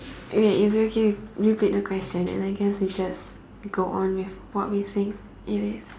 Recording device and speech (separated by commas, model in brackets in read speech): standing microphone, conversation in separate rooms